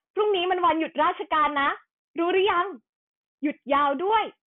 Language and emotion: Thai, happy